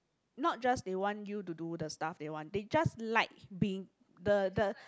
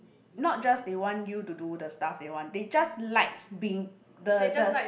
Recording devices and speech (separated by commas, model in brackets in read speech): close-talking microphone, boundary microphone, conversation in the same room